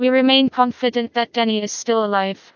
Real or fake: fake